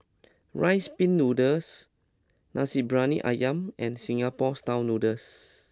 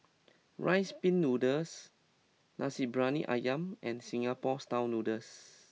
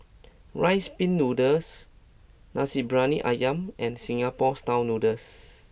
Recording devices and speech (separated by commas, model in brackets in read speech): close-talking microphone (WH20), mobile phone (iPhone 6), boundary microphone (BM630), read sentence